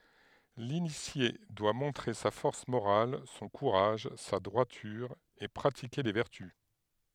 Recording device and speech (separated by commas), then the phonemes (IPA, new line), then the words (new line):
headset microphone, read sentence
linisje dwa mɔ̃tʁe sa fɔʁs moʁal sɔ̃ kuʁaʒ sa dʁwatyʁ e pʁatike le vɛʁty
L'initié doit montrer sa force morale, son courage, sa droiture et pratiquer les vertus.